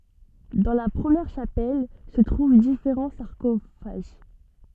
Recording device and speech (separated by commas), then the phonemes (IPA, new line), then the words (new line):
soft in-ear microphone, read sentence
dɑ̃ la pʁəmjɛʁ ʃapɛl sə tʁuv difeʁɑ̃ saʁkofaʒ
Dans la première chapelle se trouvent différents sarcophages.